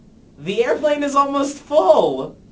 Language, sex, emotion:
English, male, happy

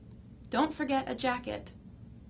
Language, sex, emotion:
English, female, neutral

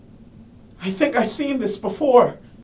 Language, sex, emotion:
English, male, fearful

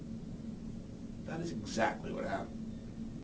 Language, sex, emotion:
English, male, neutral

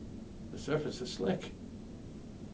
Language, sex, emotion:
English, male, neutral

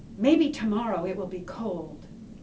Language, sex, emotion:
English, female, neutral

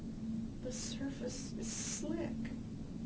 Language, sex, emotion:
English, female, sad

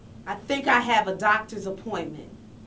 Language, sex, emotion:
English, female, neutral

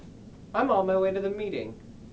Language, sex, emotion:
English, male, neutral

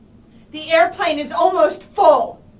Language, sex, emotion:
English, female, angry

